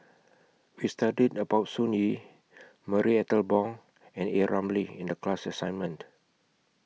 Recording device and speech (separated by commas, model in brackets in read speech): mobile phone (iPhone 6), read sentence